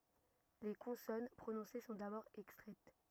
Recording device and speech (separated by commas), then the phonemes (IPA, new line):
rigid in-ear microphone, read sentence
le kɔ̃sɔn pʁonɔ̃se sɔ̃ dabɔʁ ɛkstʁɛt